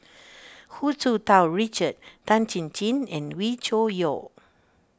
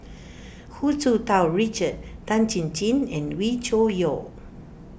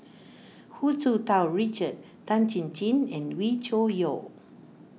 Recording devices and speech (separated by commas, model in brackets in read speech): standing microphone (AKG C214), boundary microphone (BM630), mobile phone (iPhone 6), read sentence